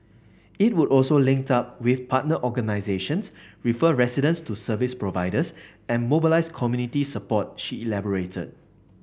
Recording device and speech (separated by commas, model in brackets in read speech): boundary microphone (BM630), read sentence